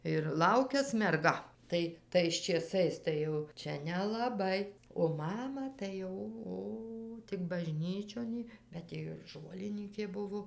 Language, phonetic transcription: Lithuanian, ir ˈlaukias merˈga ˈtai tais čėˈsais tai ˈjau ˈčia nelaˈbai o ˈmama tai ˈo ˈo ˈtik baˈžnyčion ji bet ˈji ir ˈžolinykė ˈbuvo

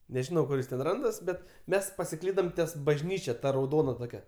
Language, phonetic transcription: Lithuanian, neˈžinau ˈkur jis ten ˈrandas ˈbet ˈmes pasiˈklydam ties bažˈnyčia ˈta rauˈdona ˈtokia

